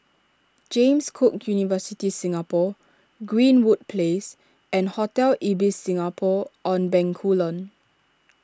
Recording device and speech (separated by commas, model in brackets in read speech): standing microphone (AKG C214), read sentence